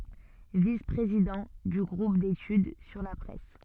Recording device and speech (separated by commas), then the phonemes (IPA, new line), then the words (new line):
soft in-ear microphone, read sentence
vis pʁezidɑ̃ dy ɡʁup detyd syʁ la pʁɛs
Vice-président du groupe d'études sur la presse.